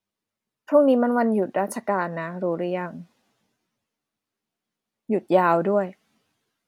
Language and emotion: Thai, frustrated